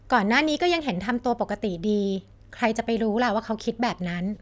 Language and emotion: Thai, neutral